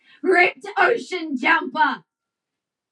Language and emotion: English, angry